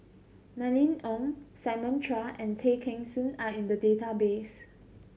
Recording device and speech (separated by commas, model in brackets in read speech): mobile phone (Samsung C7100), read sentence